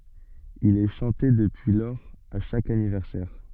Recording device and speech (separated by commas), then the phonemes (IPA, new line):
soft in-ear microphone, read sentence
il ɛ ʃɑ̃te dəpyi lɔʁz a ʃak anivɛʁsɛʁ